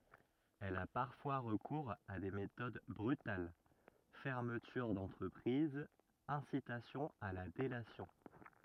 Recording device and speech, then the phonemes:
rigid in-ear microphone, read sentence
ɛl a paʁfwa ʁəkuʁz a de metod bʁytal fɛʁmətyʁ dɑ̃tʁəpʁiz ɛ̃sitasjɔ̃ a la delasjɔ̃

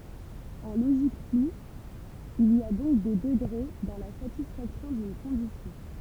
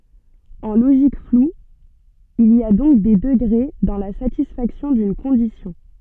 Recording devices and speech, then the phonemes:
temple vibration pickup, soft in-ear microphone, read sentence
ɑ̃ loʒik flu il i a dɔ̃k de dəɡʁe dɑ̃ la satisfaksjɔ̃ dyn kɔ̃disjɔ̃

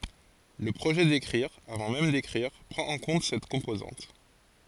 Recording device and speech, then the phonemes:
forehead accelerometer, read sentence
lə pʁoʒɛ dekʁiʁ avɑ̃ mɛm dekʁiʁ pʁɑ̃t ɑ̃ kɔ̃t sɛt kɔ̃pozɑ̃t

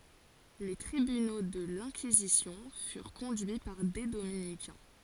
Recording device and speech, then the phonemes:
forehead accelerometer, read sentence
le tʁibyno də lɛ̃kizisjɔ̃ fyʁ kɔ̃dyi paʁ de dominikɛ̃

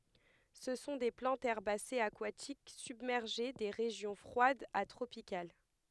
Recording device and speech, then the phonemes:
headset microphone, read sentence
sə sɔ̃ de plɑ̃tz ɛʁbasez akwatik sybmɛʁʒe de ʁeʒjɔ̃ fʁwadz a tʁopikal

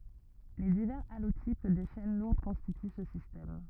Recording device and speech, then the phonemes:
rigid in-ear microphone, read sentence
le divɛʁz alotip de ʃɛn luʁd kɔ̃stity sə sistɛm

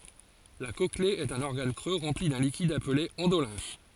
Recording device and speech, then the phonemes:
forehead accelerometer, read sentence
la kɔkle ɛt œ̃n ɔʁɡan kʁø ʁɑ̃pli dœ̃ likid aple ɑ̃dolɛ̃f

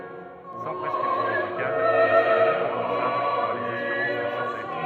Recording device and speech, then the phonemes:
rigid in-ear microphone, read sentence
sɑ̃ pʁɛskʁipsjɔ̃ medikal il sɔ̃ nɔ̃ ʁɑ̃buʁsabl paʁ lez asyʁɑ̃s də sɑ̃te

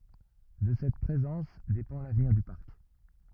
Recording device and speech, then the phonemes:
rigid in-ear microphone, read sentence
də sɛt pʁezɑ̃s depɑ̃ lavniʁ dy paʁk

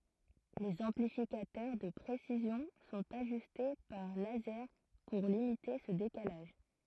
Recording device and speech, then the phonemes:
throat microphone, read sentence
lez ɑ̃plifikatœʁ də pʁesizjɔ̃ sɔ̃t aʒyste paʁ lazɛʁ puʁ limite sə dekalaʒ

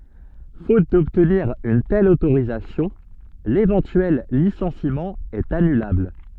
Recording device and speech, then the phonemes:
soft in-ear microphone, read sentence
fot dɔbtniʁ yn tɛl otoʁizasjɔ̃ levɑ̃tyɛl lisɑ̃simɑ̃ ɛt anylabl

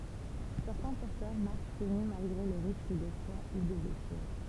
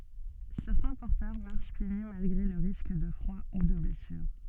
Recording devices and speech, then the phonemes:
temple vibration pickup, soft in-ear microphone, read sentence
sɛʁtɛ̃ pɔʁtœʁ maʁʃ pje ny malɡʁe lə ʁisk də fʁwa u də blɛsyʁ

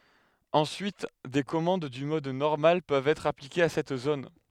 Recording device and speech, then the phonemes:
headset microphone, read sentence
ɑ̃syit de kɔmɑ̃d dy mɔd nɔʁmal pøvt ɛtʁ aplikez a sɛt zon

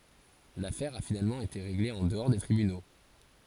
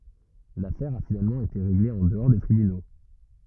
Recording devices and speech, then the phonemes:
forehead accelerometer, rigid in-ear microphone, read sentence
lafɛʁ a finalmɑ̃ ete ʁeɡle ɑ̃ dəɔʁ de tʁibyno

